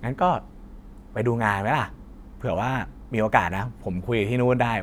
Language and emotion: Thai, neutral